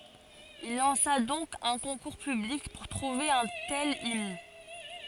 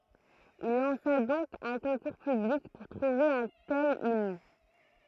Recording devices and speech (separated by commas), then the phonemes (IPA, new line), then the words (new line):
forehead accelerometer, throat microphone, read sentence
il lɑ̃sa dɔ̃k œ̃ kɔ̃kuʁ pyblik puʁ tʁuve œ̃ tɛl imn
Il lança donc un concours public pour trouver un tel hymne.